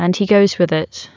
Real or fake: real